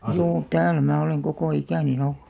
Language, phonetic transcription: Finnish, 'juu , "tääl mää oleŋ 'kokò 'ikä̀nin ‿olʟᴜ .
- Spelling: juu täällä minä olen koko ikäni ollut

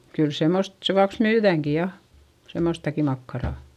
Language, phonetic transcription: Finnish, kyl semmost , sevuaks myyδä̀ŋki ja , semmostaki makkarà .
- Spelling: kyllä semmoista sen vuoksi myydäänkin ja semmoistakin makkaraa

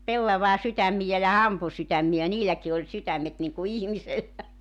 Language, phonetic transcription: Finnish, 'pellavaa 'sytämmijä ja 'hampu sytämmi₍ä 'niiläki oĺ 'sytämmet niŋku "ihmisellä .
- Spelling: pellavan sydämiä ja hampun sydämiä niilläkin oli sydämet niin kuin ihmisellä

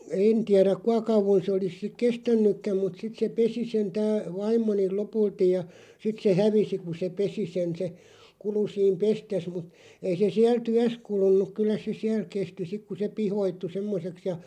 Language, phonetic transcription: Finnish, een tiäräᵏ "kua kauvon 'sᵉ olis sik "kestännykkäm mut 'sit se "pesi sen 'tää , 'vaim̆moniˡ "lopultij ja , 'sit se "hävisi ku se "pesi 'sen se , 'kulu 'siim "pestes mut , 'ei se 'siäl "tyäs 'kulun̆nuk 'kyllä se 'siäl 'kesti 'sik ku se "pihoittu 'semmoseks ja ,.
- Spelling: en tiedä kuinka kauan se olisi sitten kestänytkään mutta sitten se pesi sen tämä vaimoni lopulta ja sitten se hävisi kun se pesi sen se kului siinä pestessä mutta ei se siellä työssä kulunut kyllä se siellä kesti sitten kun se pihkoittui semmoiseksi ja

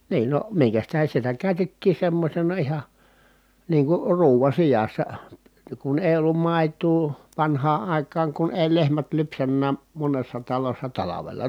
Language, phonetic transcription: Finnish, niin no , miŋkäs tähen̬ sitä kä̀y̬tettii semmośena iha , niiŋ kur ruuva sijassa , kun èi̮ ollum mài̮tuu , vanhaa ʼài̮kaaŋ kun èi lehmät lypsännää , monessa talossa talavela .
- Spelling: niin no minkäs tähden sitä käytettiin semmoisena ihan niin kuin ruuan sijassa kun ei ollut maitoa vanhaan aikaan kun ei lehmät lypsänytkään monessa talossa talvella

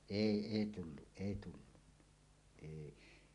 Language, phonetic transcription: Finnish, èi 'ei tulluˀ 'ˀèi tullunnᴀ , èi .
- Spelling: ei ei tullut ei tullut ei

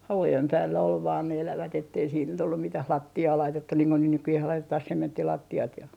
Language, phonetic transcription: Finnish, 'havujem 'päällä ol vaan ne 'elävät ettei siit nyt ollum 'mitäh "latti₍aa 'laitettun niiŋ ko niih 'nykyjeh 'laitetah "sementtilatti₍at ja ,.
- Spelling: havujen päällä oli vain ne elävät että ei sitten nyt ollut mitään lattiaa laitettu niin kuin niin nykyään laitetaan sementtilattiat ja

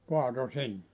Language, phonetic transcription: Finnish, 'kuato 'sinne .
- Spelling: kaatoi sinne

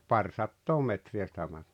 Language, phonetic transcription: Finnish, paŕsattoo 'metri₍ä sⁱtä (ma-) .
- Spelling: parisataa metriä sitä -

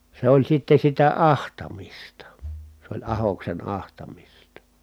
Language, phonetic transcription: Finnish, se ‿oĺ sitte sitä ahtamista , s ‿oĺ ahoksen ahtamista .
- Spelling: se oli sitten sitä ahtamista se oli ahdoksen ahtamista

